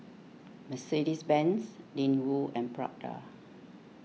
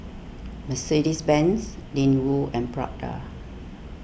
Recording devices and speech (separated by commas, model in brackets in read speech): mobile phone (iPhone 6), boundary microphone (BM630), read sentence